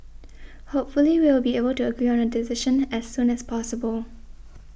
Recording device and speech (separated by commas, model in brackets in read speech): boundary microphone (BM630), read sentence